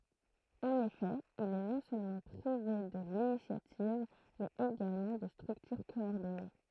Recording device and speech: throat microphone, read sentence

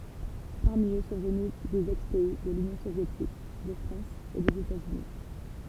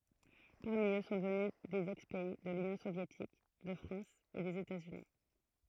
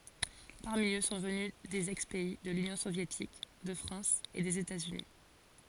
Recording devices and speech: temple vibration pickup, throat microphone, forehead accelerometer, read sentence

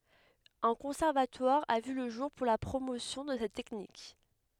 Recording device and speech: headset microphone, read sentence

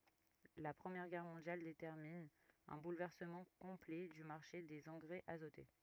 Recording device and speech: rigid in-ear microphone, read sentence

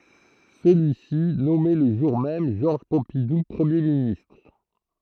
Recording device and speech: throat microphone, read sentence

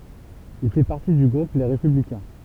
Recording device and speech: temple vibration pickup, read sentence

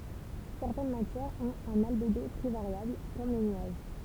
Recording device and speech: temple vibration pickup, read sentence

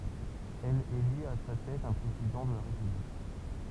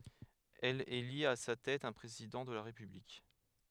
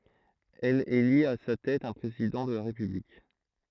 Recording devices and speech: temple vibration pickup, headset microphone, throat microphone, read sentence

